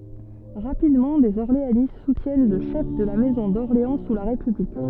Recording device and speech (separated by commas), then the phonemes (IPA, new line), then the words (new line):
soft in-ear microphone, read sentence
ʁapidmɑ̃ dez ɔʁleanist sutjɛn lə ʃɛf də la mɛzɔ̃ dɔʁleɑ̃ su la ʁepyblik
Rapidement, des orléanistes soutiennent le chef de la maison d’Orléans sous la République.